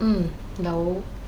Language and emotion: Thai, neutral